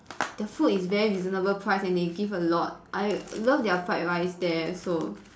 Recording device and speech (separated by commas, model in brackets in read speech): standing microphone, conversation in separate rooms